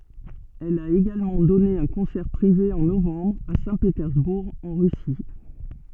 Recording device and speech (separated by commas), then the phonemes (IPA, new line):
soft in-ear microphone, read sentence
ɛl a eɡalmɑ̃ dɔne œ̃ kɔ̃sɛʁ pʁive ɑ̃ novɑ̃bʁ a sɛ̃petɛʁzbuʁ ɑ̃ ʁysi